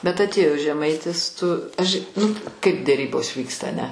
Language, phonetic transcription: Lithuanian, bet atˈėjo žeˈmaitis tu až' nu kaip deˈrybos ˈvyksta aˈne

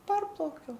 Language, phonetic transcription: Lithuanian, ˈparplaukiau

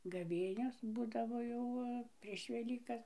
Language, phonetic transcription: Lithuanian, gaˈvėnios ˈbūdavo jau ˈva prieš veˈlykas

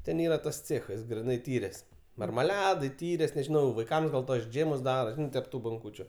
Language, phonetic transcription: Lithuanian, ˈten ˈyra tas ˈcėchas griˈnai ˈtyrės marmaˈledai ˈtyrės nežiˈnau vaiˈkams gal tuos ˈdžėmus ˈdaro ˈžinai tep ˈtų bonˈkūčiu

